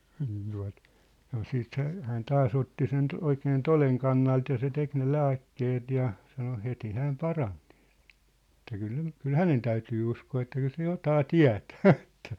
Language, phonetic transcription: Finnish, niin tua̭t , sano 'siit hä- , hään "taa's ‿otti 'sen , 'oikeen "toleŋ kannalt ja se 'tek ne "lääkkeet ja , sano 'heti 'hääm "paraɴ Nɪɪʟ , ĕt̆tä kyl 'nem̳- , kyl "hänen täytyy 'uskoo että 'kyl se 'jotaa "tiä̭tᴀ̈ᴀ̈ ᴇttᴀ̈ ,.
- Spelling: niin tuota sanoi sitten - hän taas otti sen oikein toden kannalta ja se teki ne lääkkeet ja sanoi heti hän parani niillä että kyllä - kyllä hänen täytyy uskoa että kyllä se jotakin tietää että

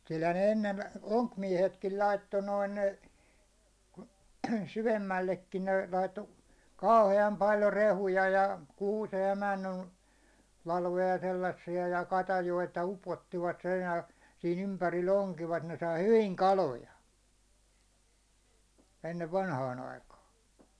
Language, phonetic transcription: Finnish, kylhän ne 'ennen , "oŋkmiɛhetkil 'laitto 'noin , 'syvemmällekkin ne laitto , "kauhe₍am 'paljo 'rehuja ja , 'kuusej ja 'männyn , 'lalvoja 'sellassi₍a ja 'katajoita 'upottivat (reunal) , sii'n ‿ympäril'l ‿oŋkivat ne sai 'hyviŋ "kaloja , ennev 'vanhaan ‿aikaa .
- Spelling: kyllähän ne ennen onkimiehetkin laittoi noin syvemmällekin ne laittoi kauhean paljon rehuja ja kuusen ja männyn latvoja sellaisia ja katajia upottivat reunalle siinä ympärillä onkivat ne sai hyvin kaloja ennen vanhaan aikaan

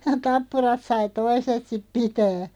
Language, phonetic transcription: Finnish, 'tappurat 'sai "toiset sip 'pitää .
- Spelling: tappurat sai toiset sitten pitää

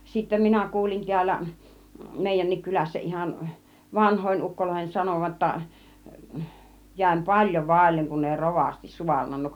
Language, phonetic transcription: Finnish, sittä 'minä 'kuulin 'ti̬ällä , 'mèi-jän̆nik 'kylässä ihan , "vanhòin 'ukkoloihen "sanòva ‿°tta , 'jä̀im "paĺjo 'vàilleŋ kun ei "rovasti 'suarnannuk .
- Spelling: sitten minä kuulin täällä meidänkin kylässä ihan vanhojen ukkojen sanovan jotta jäin paljon vaille kun ei rovasti saarnannut

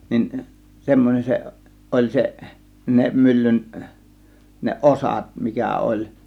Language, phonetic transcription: Finnish, nin , 'semmon͕en 'seˀ , 'ˀoĺ 'seˀ , 'ne 'myllyn , ne "ˀosat mikä 'oĺ .
- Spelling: niin semmoinen se oli se ne myllyn ne osat mikä oli

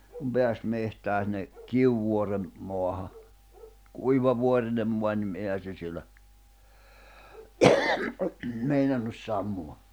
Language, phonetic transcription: Finnish, kum 'peäs mehtää sinⁿᵉ , 'Kiuvuorem , moaha , 'kuiva 'vuorinem mua nim , 'èihä se siel̆lä , 'meinannus 'sammuwa .
- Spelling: kun pääsi metsään sinne Kivivuoren maahan kuiva vuorinen maa niin eihän se siellä meinannut sammua

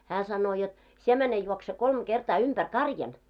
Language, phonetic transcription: Finnish, 'hää 'sannoo jot , » 'sie mäne juokse 'kolm 'ɢertaa 'umpär "karjan « .
- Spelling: hän sanoo jotta sinä mene juokse kolme kertaa ympäri karjan

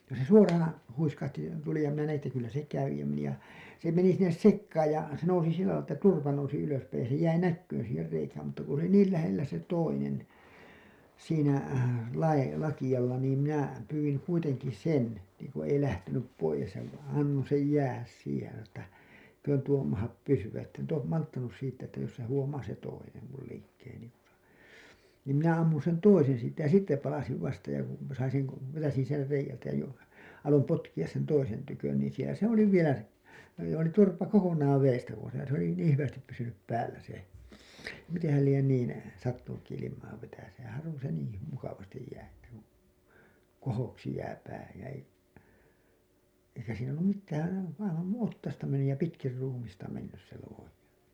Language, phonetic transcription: Finnish, ja se "suoraan̬ , 'huiskahti , 'tuli ja minä näʲin ‿että kyllä se 'kävi ja meni ja , se meni sinnes "sekkaaj ja , se nousi 'sillälai ‿ttä "turpa nousi ylöspäij ja se jäi "näkkyyn̬ siiher 'reikääm mutta ku se ‿oli "niil lähellä se 'toinen , siinä , lai- , lakiʲalla niim minä , pyywiŋ kuiteŋki "sen , niiŋku ei lähtenyp 'poijes ja v- , annoo̰ sej 'jäähäs siihej ja sano ‿ttä , [ei]köön tuo mahap 'pysy₍ä ‿tt ‿en to- , 'malttanus siirty₍ä ‿ttä jos se 'huomaa se "toinem mul liikkeeni , niim minä ammun̬ sen "toisen̬ siit̆tä ja "sitte palasiv 'vasta ja kun , sain̬ seŋ ko- , vetäsin ser reijältä jo , alom 'potkiʲas sen 'toisen tykön niin̬ sielä "se ‿oli 'vielä se , oli joo niin 'turpa 'kokoǹaav veestä pois ja se ‿oli 'niiḭ hyvästip pysynyp 'päällä se , miteḛhäl lien niin , sattunukki ilim̀aa vetäseen̬ 'harvon̬ se niii hy- , 'mukavastij jää että kuN , "kohoksi jää 'pää , jä ei , eikä siin ‿ollum 'mittääN , aivan nuiḭ "ottasta mennyj ja 'pitkir 'ruumista mennys se luoji .
- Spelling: ja se suoraan huiskahti tuli ja minä näin että kyllä se kävi ja meni ja se meni sinne sekaan ja se nousi sillä lailla että turpa nousi ylöspäin ja se jäi näkymään siihen reikään mutta kun se oli niin lähellä se toinen siinä - lakealla niin minä pyysin kuitenkin sen niin kuin ei lähtenyt pois ja - annoin sen jäädä siihen ja sanoin että eikö tuo mahda pysyä että en - malttanut siirtyä että jos se huomaa se toinen minun liikkeeni niin minä ammun sen toisen siitä ja sitten palasin vasta ja kun sain sen - vetäisin sen reiältä jo aloin potkia sen toisen tykö niin siellä se oli vielä se oli joo niin turpa kokonaan vedestä pois ja se oli niin hyvästi pysynyt päällä se mitenhän lie niin sattunutkin ilmaa vetäisemään harvoin se niin - mukavasti jää että kun kohoksi jää pää ja ei eikä siinä ollut mitään aivan noin otsasta mennyt ja pitkin ruumista mennyt se luoti

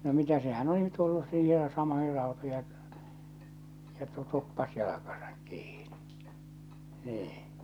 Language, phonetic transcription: Finnish, no 'mitä sehän 'oli tullus siihej ja 'samoihir 'rautoij ja , kettu 'tuppas jalakasᴀk kiiɴɪ , 'nii .
- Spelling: no mitä sehän oli tullut siihen ja samoihin rautoihin ja kettu tuppasi jalkansa kiinni niin

